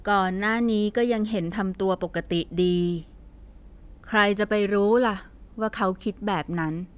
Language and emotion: Thai, neutral